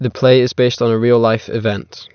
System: none